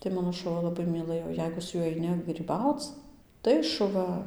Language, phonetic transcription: Lithuanian, tai ˈmano šuˈva laˈbai myˈlɘjo ˈjeigu su ˈjuoj aiˈni gryˈbauc ˈtai šuˈva

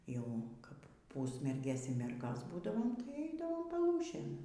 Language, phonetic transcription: Lithuanian, jau ˈkap ˈpūsmergės y ˈmergos ˈbūdavom tai ˈeidavom paˈlūšėn

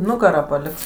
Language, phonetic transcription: Lithuanian, ˈnugarą paˈliks

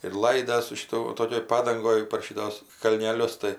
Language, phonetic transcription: Lithuanian, ir ˈlaidas su šiˈtu ˈtokioj ˈpadangoj par ˈšitos kalneˈlius tai

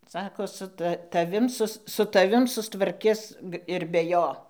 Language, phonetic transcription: Lithuanian, ˈsako su ˈta taˈvim ˈsus su taˈvim sustvarˈkis ir be ˈjo

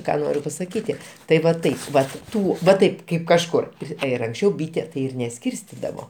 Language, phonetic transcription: Lithuanian, ˈką ˈnoriu pasaˈkyti tai va ˈtaip ˈvat ˈtų va ˈtaip ˈkaip kažˈkur ˈpri ir anksˈčiau ˈbyte tai ˈir neˈskyrstidavo

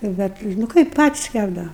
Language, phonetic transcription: Lithuanian, nu ˈbet nu ˈkaip ˈpatis ˈkæpdava

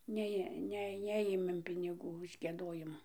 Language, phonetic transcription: Lithuanian, ˈnejė ˈne ˈnejėmėm piniˈgų už gieˈdojimu

